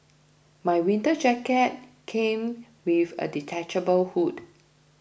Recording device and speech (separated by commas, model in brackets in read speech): boundary microphone (BM630), read sentence